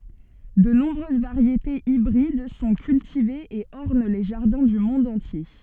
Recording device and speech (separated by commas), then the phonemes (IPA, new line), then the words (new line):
soft in-ear microphone, read sentence
də nɔ̃bʁøz vaʁjetez ibʁid sɔ̃ kyltivez e ɔʁn le ʒaʁdɛ̃ dy mɔ̃d ɑ̃tje
De nombreuses variétés hybrides sont cultivées et ornent les jardins du monde entier.